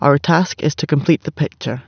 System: none